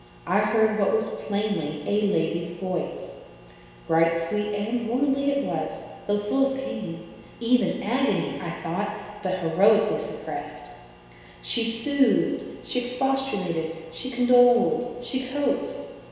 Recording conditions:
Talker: one person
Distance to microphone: 1.7 m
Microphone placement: close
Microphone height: 1.0 m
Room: very reverberant, large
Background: none

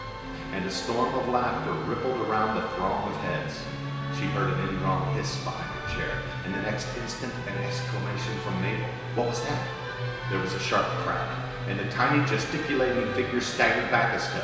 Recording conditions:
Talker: one person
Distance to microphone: 1.7 m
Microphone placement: close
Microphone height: 1.0 m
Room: very reverberant, large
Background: music

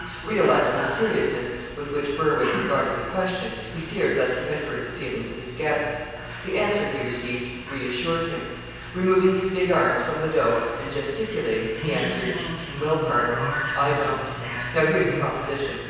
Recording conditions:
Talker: one person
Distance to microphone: 7.1 m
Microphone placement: far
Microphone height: 1.7 m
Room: very reverberant, large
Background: television

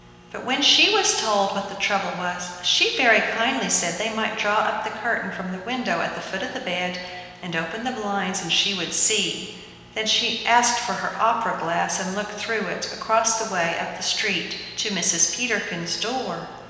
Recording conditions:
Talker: one person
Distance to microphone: 1.7 m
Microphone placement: close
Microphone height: 1.0 m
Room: very reverberant, large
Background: none

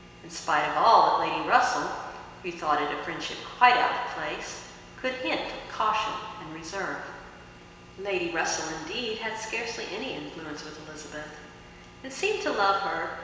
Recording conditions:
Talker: one person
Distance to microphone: 1.7 m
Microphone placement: close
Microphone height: 1.0 m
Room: very reverberant, large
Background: none

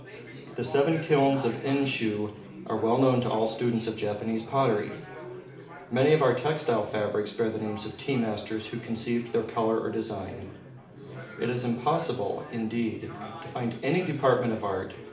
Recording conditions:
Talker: one person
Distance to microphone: 2.0 m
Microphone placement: close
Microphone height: 99 cm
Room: medium-sized (5.7 m by 4.0 m)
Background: babble

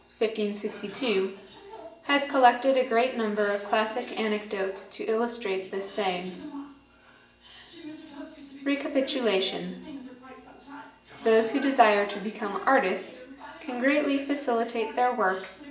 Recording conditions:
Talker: one person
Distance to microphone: 1.8 m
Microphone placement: close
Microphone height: 1.0 m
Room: large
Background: television

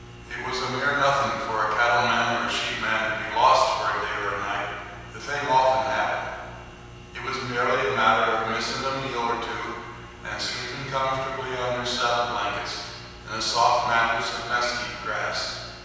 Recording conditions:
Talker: one person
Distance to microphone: 7.1 m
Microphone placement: far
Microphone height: 1.7 m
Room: very reverberant, large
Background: none

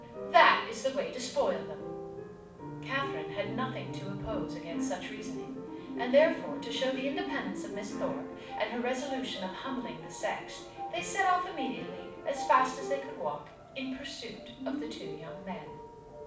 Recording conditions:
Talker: one person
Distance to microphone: 5.8 m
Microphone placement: far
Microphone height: 1.8 m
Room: medium-sized (5.7 m by 4.0 m)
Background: music

